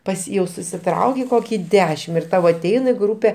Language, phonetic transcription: Lithuanian, ˈpas jau susiˈtraukė ˈkokį ˈdešim ir ˈtau aˈtein i ˈgrūpe

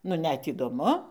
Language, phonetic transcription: Lithuanian, nu ˈnet įdoˈmu

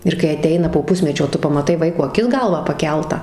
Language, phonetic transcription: Lithuanian, ir kai aˈteina po ˈpusmečio ˈtu pamaˈtai ˈvaiko aˈkis ˈgalvą paˈkeltą

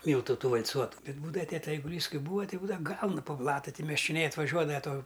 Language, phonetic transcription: Lithuanian, ˈmyltu ˈtų valˈcuotu ˈbet ˈbūdava ˈtete eiguˈlys ˈkai ˈbūa ˈtai būdava ˈgaunu po ˈblatu ˈtai meščioˈniai atvaˈžiuodava ˈto

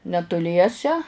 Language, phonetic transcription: Lithuanian, netuˈliese

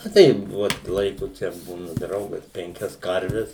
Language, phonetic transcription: Lithuanian, a ˈtai ˈvot ˈlaiku ˈčia ˈbūna ˈdraugas penˈkias ˈkarves

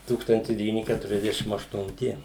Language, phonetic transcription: Lithuanian, ˈtūkstantis devyˈni ˌkæturiasˈdešim aštunˈti

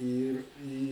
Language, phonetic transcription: Lithuanian, ˈyr ˈį

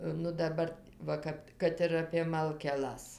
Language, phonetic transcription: Lithuanian, nu daˈbar ˈva kap kad ˈir apė malkeˈlas

